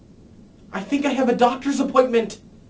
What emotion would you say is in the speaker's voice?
fearful